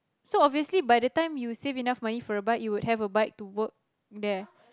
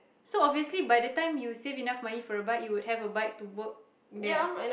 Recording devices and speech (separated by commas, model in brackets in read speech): close-talking microphone, boundary microphone, conversation in the same room